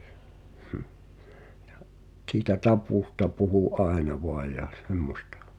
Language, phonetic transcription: Finnish, ᴊᴀ , t̳sitä 'tapùsta puhu "’aena voaj ja 'semmośtᴀ .
- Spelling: ja siitä taposta puhui aina vain ja semmoista

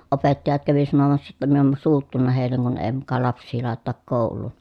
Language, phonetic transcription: Finnish, opettajat kävi sanomassa jotta min ‿om suuttunna hèilleŋ kun ee muka laps̆sii làetetak kòul̀uun .
- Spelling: opettajat kävi sanomassa jotta minä olen suuttunut heille kun ei muka lapsia laiteta kouluun

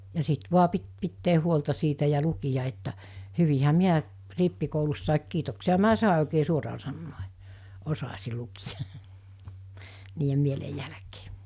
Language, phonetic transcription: Finnish, ja 'sit 'vua pit pittee 'huolta siitä ja 'lukija että , 'hyvihä "miä , 'rippikoulussàik 'kiitoksia̳̳₍a̳ 'mi̬ä "sàe oikee 'suoraa sannòᴇ , 'osasi 'lukijᴀ , niijem 'mielej jälᵃ̈kᴇᴇ .
- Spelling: ja sitten vain piti pitää huolta siitä ja lukea että hyvinhän minä rippikoulussakin kiitoksiahan minä sain oikea suoraan sanoen osasin lukea niiden mielen jälkeen

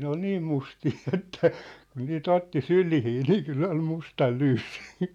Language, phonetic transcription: Finnish, 'ne ‿ol "niim 'mustii että , kun nii"t ‿otti "sylihii nii 'kyll ‿ol 'mustal 'lyyssɪ .
- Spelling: ne oli niin mustia että kun niitä otti syliin niin kyllä oli mustan lyyssi

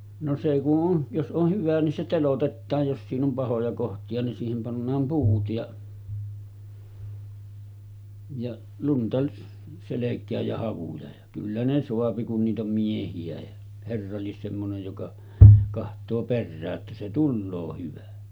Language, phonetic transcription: Finnish, no 'se ku’ ’on , jos ’oh 'hyvä nin se 'telotettaaj jos siin ‿om 'pahoja kohti₍a nin siihem pannaam 'puut ja , ja 'lunta selek̆kääj ja 'havuja ja , kyllä ne soapi kun niit ‿om 'miehi₍ä ja , 'herra 'lies semmonej joka , kaht̀oo 'perrää’ ’että se 'tulloo hyvä .
- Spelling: no se kun on jos on hyvä niin se teloitetaan jos siinä on pahoja kohtia niin siihen pannaan puut ja ja lunta selkään ja havuja ja kyllä ne saa kun niitä on miehiä ja herra lie semmoinen joka katsoo perään että se tulee hyvä

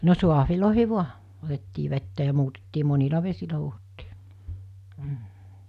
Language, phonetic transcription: Finnish, no 'suahvilòihi "vua , otettii 'vettä ja 'muutettii 'monila 'vesilä huuhottii , m̥ .
- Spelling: no saaveihin vain otettiin vettä ja muutettiin monilla vesillä huuhdottiin mm

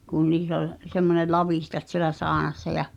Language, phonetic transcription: Finnish, kun niis ‿ol , semmone "lavìhtat sielä 'saanassa ja ,.
- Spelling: kun niissä oli semmoinen lavitsat siellä saunassa ja

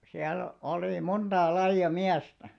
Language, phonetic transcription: Finnish, 'siäl 'oli "monᴅaa 'laiʲa "miästä .
- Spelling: siellä oli montaa lajia miestä

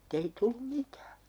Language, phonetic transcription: Finnish, [mut]tei 'tullu "mitää .
- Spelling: mutta ei tullut mitään

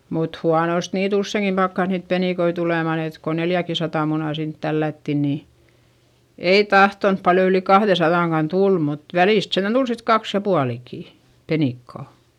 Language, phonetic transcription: Finnish, mut huanost niit ‿ussèŋkim pakkas niit penìkoi tulemàn ‿et ko neljäkisatà munà sint tällätti nii , ei tahtonp paljo yli kahδesaδàŋkan tul mut , välìst sentän Dul sit kaks ja pualikì , penìkkà .
- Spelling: mutta huonosti niitä useinkin pakkasi niitä penikoita tulemaan että kun neljäkinsataa munaa sinne tällättiin niin ei tahtonut paljon yli kahdensadankaan tulla mutta välistä sentään tuli sitten kaksi ja puolikin penikkaa

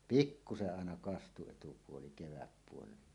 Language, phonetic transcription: Finnish, pikkuse’ ’àena 'kastu etupuoli keväppuoleila .
- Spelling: pikkuisen aina kastui etupuoli kevätpuolella

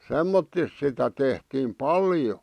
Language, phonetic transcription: Finnish, semmottis sitä tehtiim "paljo .
- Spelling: semmottoon sitä tehtiin paljon

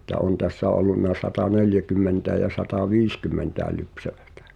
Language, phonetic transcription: Finnish, ni ‿ĕttä "on tässä ollunna 'sata"neljäkymmentäej ja 'sata"viiskymmentä̀e lypsävᴀ̈tᴀ̈ .
- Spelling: niin että on tässä ollut sataneljäkymmentä ja sataviisikymmentä lypsävää

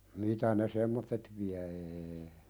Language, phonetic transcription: Finnish, 'mitä ne "semmottet viä ee .
- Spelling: mitä ne semmoiset vie ei

